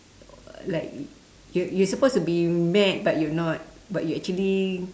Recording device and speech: standing microphone, conversation in separate rooms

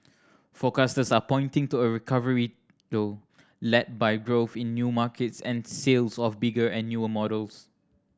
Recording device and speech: standing microphone (AKG C214), read sentence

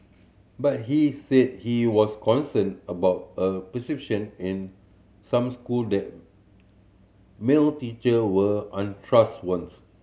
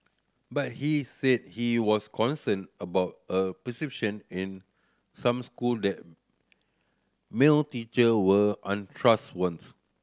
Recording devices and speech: mobile phone (Samsung C7100), standing microphone (AKG C214), read sentence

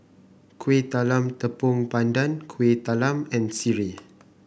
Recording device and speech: boundary microphone (BM630), read sentence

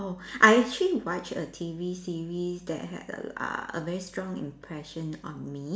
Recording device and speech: standing microphone, conversation in separate rooms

